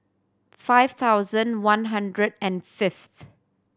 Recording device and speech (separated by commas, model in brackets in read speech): standing microphone (AKG C214), read sentence